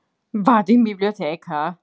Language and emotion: Italian, surprised